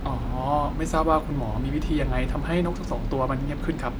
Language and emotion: Thai, neutral